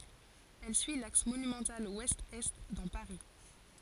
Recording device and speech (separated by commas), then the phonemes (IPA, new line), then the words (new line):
forehead accelerometer, read sentence
ɛl syi laks monymɑ̃tal wɛstɛst dɑ̃ paʁi
Elle suit l'axe monumental ouest-est dans Paris.